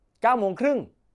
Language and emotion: Thai, angry